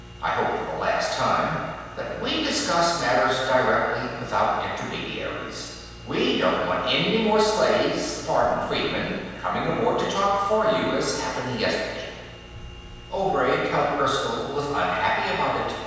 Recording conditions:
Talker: one person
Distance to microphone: 7.1 m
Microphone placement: far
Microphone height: 1.7 m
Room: very reverberant, large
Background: none

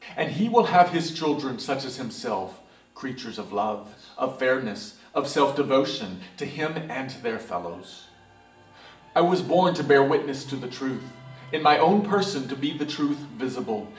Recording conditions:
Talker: one person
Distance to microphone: 1.8 m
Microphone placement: close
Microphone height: 1.0 m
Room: large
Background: television

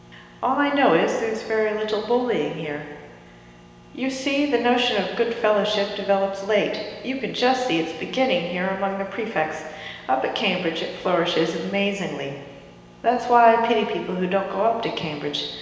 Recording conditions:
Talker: one person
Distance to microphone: 1.7 m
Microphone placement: close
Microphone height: 1.0 m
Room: very reverberant, large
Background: none

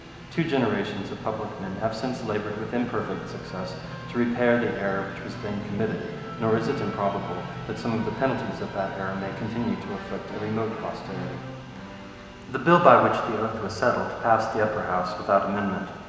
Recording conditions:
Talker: one person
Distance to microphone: 1.7 m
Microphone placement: close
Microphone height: 1.0 m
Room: very reverberant, large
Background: television

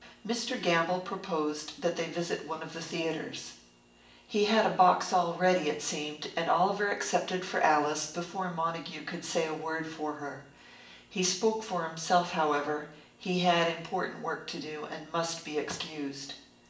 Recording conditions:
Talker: one person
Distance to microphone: 1.8 m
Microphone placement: close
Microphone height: 1.0 m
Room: large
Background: none

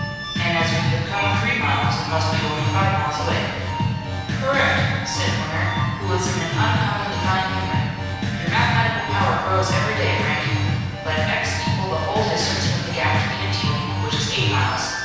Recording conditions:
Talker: one person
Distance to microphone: 7.1 m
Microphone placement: far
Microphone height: 1.7 m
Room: very reverberant, large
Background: music

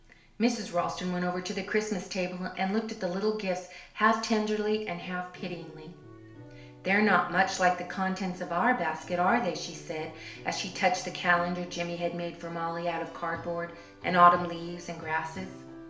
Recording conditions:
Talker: one person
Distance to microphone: 1.0 m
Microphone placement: close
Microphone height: 1.1 m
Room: small (3.7 m by 2.7 m)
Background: music

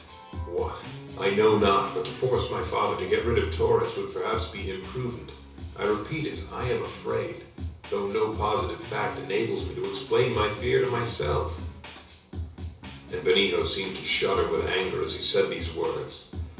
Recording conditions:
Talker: one person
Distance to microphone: 3.0 m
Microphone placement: far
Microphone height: 1.8 m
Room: small (3.7 m by 2.7 m)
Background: music

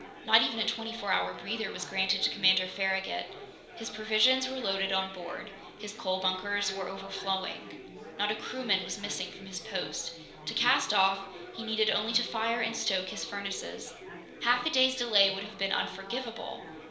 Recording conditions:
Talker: one person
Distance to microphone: 1.0 m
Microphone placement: close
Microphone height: 1.1 m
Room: small (3.7 m by 2.7 m)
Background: babble

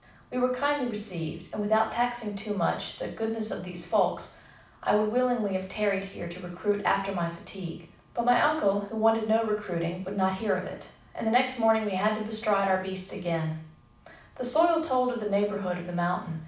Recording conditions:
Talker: one person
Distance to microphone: 5.8 m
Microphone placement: far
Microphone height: 1.8 m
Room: medium-sized (5.7 m by 4.0 m)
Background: none

